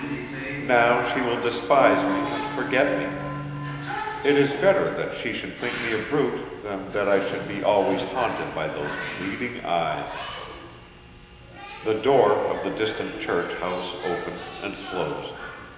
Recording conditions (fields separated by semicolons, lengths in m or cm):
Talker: one person; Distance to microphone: 1.7 m; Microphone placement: close; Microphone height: 1.0 m; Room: very reverberant, large; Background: television